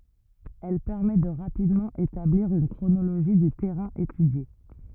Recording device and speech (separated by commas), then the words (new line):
rigid in-ear microphone, read sentence
Elle permet de rapidement établir une chronologie du terrain étudié.